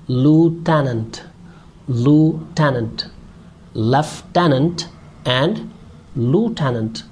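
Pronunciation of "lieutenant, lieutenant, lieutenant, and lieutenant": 'Lieutenant' is said with the American pronunciation.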